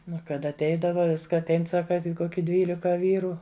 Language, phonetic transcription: Lithuanian, ˈnu ˈkad atˈeidava ˈviska atˈein ˈsaka ˈkoki ˈdvylika ˈvyru

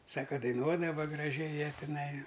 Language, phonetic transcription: Lithuanian, ˈsaka daiˈnuodava graˈžiai ˈjie tiˈnai

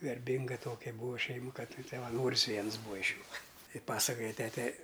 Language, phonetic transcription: Lithuanian, garˈbinga ˈtokia ˈbūva ˈšeimu ˈkad savaˈnoris ˈviens ˈbūa iš ˈjų ˈtai ˈpasakoja ˈtete

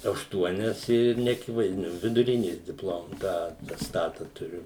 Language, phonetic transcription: Lithuanian, ašˈtuonias ir neaˈkivaizdiniu viduˈrinės dipˈlom ˈtą atesˈtata tuˈriu

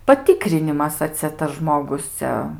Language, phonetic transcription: Lithuanian, paˈtykrinimas a ˈcia tas ˈžmogus ˈcia

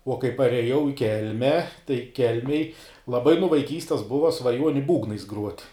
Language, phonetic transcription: Lithuanian, uo kai pareˈjau i ˈkelme tai ˈkelmėj laˈbai nu vaiˈkystes ˈbuva svaˈjuoni ˈbūgnais gruot'

